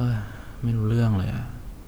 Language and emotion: Thai, frustrated